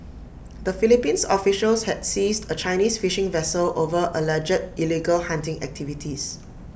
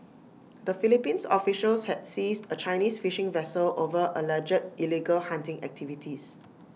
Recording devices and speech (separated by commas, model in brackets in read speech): boundary microphone (BM630), mobile phone (iPhone 6), read sentence